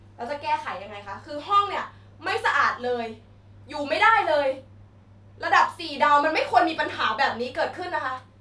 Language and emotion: Thai, angry